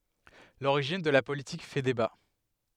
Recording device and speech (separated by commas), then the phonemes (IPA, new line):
headset microphone, read sentence
loʁiʒin də la politik fɛ deba